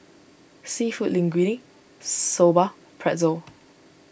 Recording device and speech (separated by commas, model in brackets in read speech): boundary microphone (BM630), read sentence